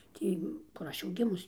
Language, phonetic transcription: Lithuanian, ˈtį kur ˈaš jau ˈgimus

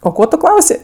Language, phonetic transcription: Lithuanian, o ˈko tu ˈklausė

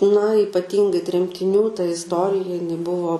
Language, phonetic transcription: Lithuanian, na ypaˈtyngai tremtiˈnių ta isˈtorija jiˈnai ˈbuvo

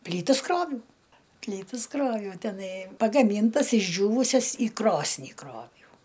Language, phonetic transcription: Lithuanian, ˈplytas ˈkroviau ˈplytas ˈkroviau teˈnai pagaˈmyntas išˈdžiūvusias į ˈkrosnį ˈkroviau

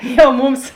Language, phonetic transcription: Lithuanian, jau ˈmums

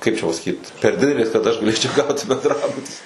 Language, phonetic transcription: Lithuanian, ˈkaip čia pasaˈkyt per ˈdidelės kad ˈaš gaˈlėčiau ˈgauti bendˈrabuti

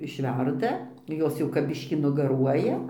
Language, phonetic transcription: Lithuanian, išˈverda ˈjos jau kap ˈbiškį nugaˈruoja

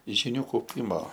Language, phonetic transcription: Lithuanian, žiˈnių kauˈpimo

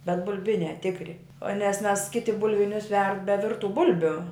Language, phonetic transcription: Lithuanian, bet bulˈbiniā ˈtikri o nes mes ˈkiti bulˈvinius verd be ˈvirtu ˈbulbiu

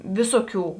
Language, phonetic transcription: Lithuanian, ˈviso ˌkių

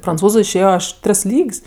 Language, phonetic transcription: Lithuanian, pranˈcūzu išˈėjo ˈaš ˈtris ˈlyg's'

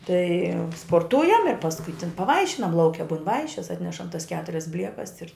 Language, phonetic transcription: Lithuanian, tai sporˈtujam ir pasˈkui tin paˈvaišinam lauˈke bun ˈvaišis ˈatnešam tas ˈketurias ˈbliekas ir

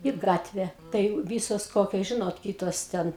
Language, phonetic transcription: Lithuanian, i ˈgatve tai ˈvysos ˈkokios ˈžinot ˈkytos ˈten

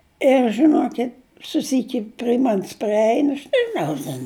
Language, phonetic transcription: Lithuanian, ir žiˈnokit' suˈsyki pri ˈman's priˈein aš nežiˈnau ten

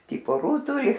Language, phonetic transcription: Lithuanian, ˈtypo ˈrūtuli

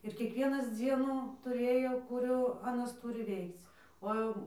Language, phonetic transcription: Lithuanian, ir kiekˈvienas ˈdzienu tuˈrėjo kuˈrių aˈnas ˈtūri ˈveikc o ˈjau

